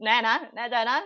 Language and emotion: Thai, happy